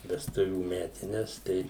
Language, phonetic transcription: Lithuanian, vesˈtuvių ˈmetines ˈtai

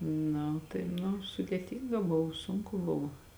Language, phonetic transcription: Lithuanian, ˈna tai nu sudėˈtynga ˈbuv ˈsunku ˈbuv

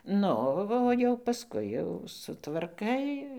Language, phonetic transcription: Lithuanian, ˈnu o jau paˈskui jau sutvarˈkai

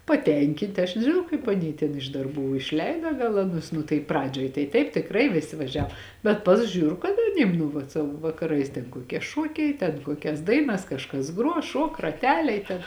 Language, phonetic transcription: Lithuanian, paˈtenkint' aš nežiˈnau kaip aˈny ten iš darˈbų išˈleida gal aˈnus nu tai ˈpradžioj tai ˈtaip tikˈrai viˈsi vaˈžiav bet ˈpas ˈžiūr kad aˈnym nu vat ˈsavo vakaˈrais ten kuoˈkie ˈšuokiai ten ˈkuokias ˈdainas kažˈkas ˈgruo ˈšuok raˈteliai ten

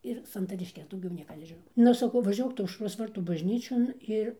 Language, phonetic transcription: Lithuanian, ir santarišˈkes dauˈgiau ˈnieka nežiˈnau ˈnu saˈkau vaˈžiuok ˈtu aušˈros ˈvartų bažˈnyčion ˈir

